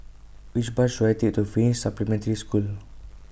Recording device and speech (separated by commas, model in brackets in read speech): boundary microphone (BM630), read sentence